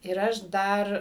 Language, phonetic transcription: Lithuanian, ir ˈaš ˈdar

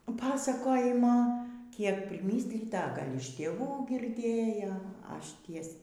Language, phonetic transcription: Lithuanian, ˈpasakojimo ˈkiek priˈmyslyta a ˈgal' iš tėˈvų girˈdėjo ˈaš ˈties

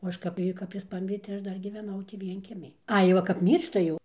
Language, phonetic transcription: Lithuanian, o ˈaš kap ˈjį kap ˈjis ˈpamirė tai ˈaš ˈdar gyveˈnau tį ˈvienkiemij ˈai ˈva kap ˈmyršta jau

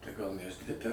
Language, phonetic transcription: Lithuanian, tai gal universiˈtete

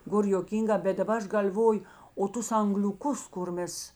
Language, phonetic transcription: Lithuanian, ˈgor joˈkynˌgā bet daˈba ˈaš gal'ˈvoju o ˈtus angliuˈkus kur ˈmes

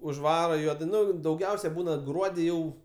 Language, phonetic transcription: Lithuanian, užˈvara ˈjuodai ˈnu dauˈgiausiai ˈbūna ˈgruodi ˈjau

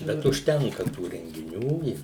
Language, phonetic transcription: Lithuanian, ˈbet užˈtenka tų rengiˈnių i

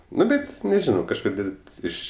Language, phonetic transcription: Lithuanian, ˈnu ˈbet neˈžino kažˈkodėl' ˈiš

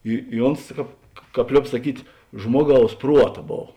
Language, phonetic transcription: Lithuanian, i i ˈons ˈkāp ˈkāp ˈliob saˈkyt' ˈžmuoˌgaus ˈpruota ˈbov

